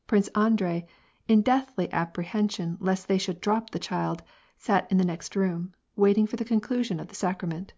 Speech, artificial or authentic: authentic